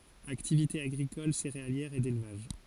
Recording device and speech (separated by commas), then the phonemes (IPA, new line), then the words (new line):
forehead accelerometer, read sentence
aktivite aɡʁikɔl seʁealjɛʁ e delvaʒ
Activité agricole céréalière et d'élevage.